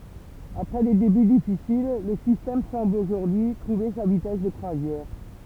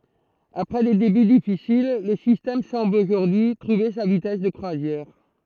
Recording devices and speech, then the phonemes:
temple vibration pickup, throat microphone, read sentence
apʁɛ de deby difisil lə sistɛm sɑ̃bl oʒuʁdyi y tʁuve sa vitɛs də kʁwazjɛʁ

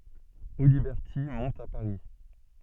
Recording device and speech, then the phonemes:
soft in-ear microphone, read sentence
odibɛʁti mɔ̃t a paʁi

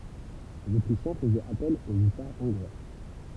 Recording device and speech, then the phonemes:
temple vibration pickup, read sentence
lez otʁiʃjɛ̃ fəzɛt apɛl o ysaʁ ɔ̃ɡʁwa

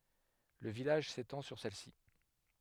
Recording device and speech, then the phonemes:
headset microphone, read sentence
lə vilaʒ setɑ̃ syʁ sɛlsi

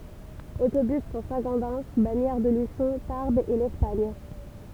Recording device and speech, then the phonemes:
temple vibration pickup, read sentence
otobys puʁ sɛ̃ ɡodɛn baɲɛʁ də lyʃɔ̃ taʁbz e lɛspaɲ

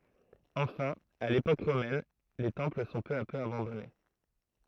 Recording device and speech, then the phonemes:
throat microphone, read sentence
ɑ̃fɛ̃ a lepok ʁomɛn le tɑ̃pl sɔ̃ pø a pø abɑ̃dɔne

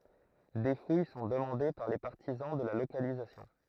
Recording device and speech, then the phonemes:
throat microphone, read sentence
de fuj sɔ̃ dəmɑ̃de paʁ le paʁtizɑ̃ də la lokalizasjɔ̃

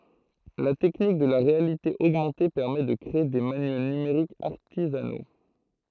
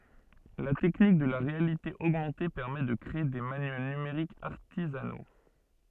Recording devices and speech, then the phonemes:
throat microphone, soft in-ear microphone, read sentence
la tɛknik də la ʁealite oɡmɑ̃te pɛʁmɛ də kʁee de manyɛl nymeʁikz aʁtizano

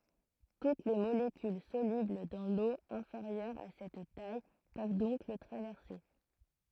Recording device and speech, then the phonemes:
throat microphone, read sentence
tut le molekyl solybl dɑ̃ lo ɛ̃feʁjœʁ a sɛt taj pøv dɔ̃k lə tʁavɛʁse

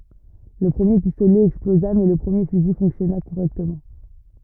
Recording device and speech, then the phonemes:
rigid in-ear microphone, read sentence
lə pʁəmje pistolɛ ɛksploza mɛ lə pʁəmje fyzi fɔ̃ksjɔna koʁɛktəmɑ̃

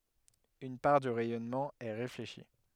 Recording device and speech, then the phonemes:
headset microphone, read sentence
yn paʁ dy ʁɛjɔnmɑ̃ ɛ ʁefleʃi

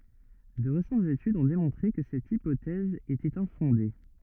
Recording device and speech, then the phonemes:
rigid in-ear microphone, read sentence
də ʁesɑ̃tz etydz ɔ̃ demɔ̃tʁe kə sɛt ipotɛz etɛt ɛ̃fɔ̃de

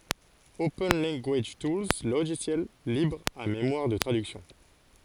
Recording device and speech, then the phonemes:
forehead accelerometer, read sentence
open lɑ̃ɡaʒ tulz loʒisjɛl libʁ a memwaʁ də tʁadyksjɔ̃

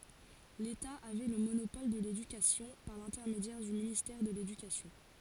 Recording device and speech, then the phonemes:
forehead accelerometer, read sentence
leta avɛ lə monopɔl də ledykasjɔ̃ paʁ lɛ̃tɛʁmedjɛʁ dy ministɛʁ də ledykasjɔ̃

